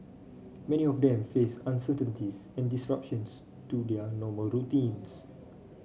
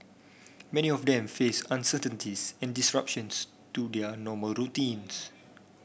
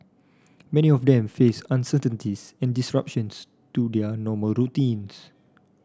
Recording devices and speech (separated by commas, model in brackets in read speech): mobile phone (Samsung C5), boundary microphone (BM630), standing microphone (AKG C214), read sentence